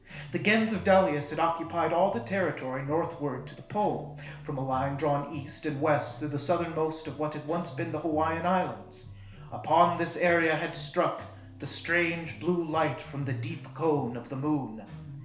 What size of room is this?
A small space (about 3.7 m by 2.7 m).